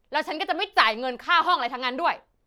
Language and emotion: Thai, angry